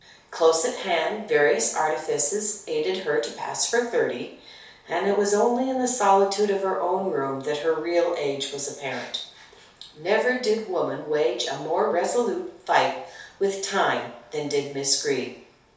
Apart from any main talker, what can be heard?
Nothing.